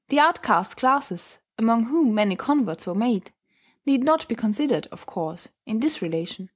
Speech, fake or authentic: authentic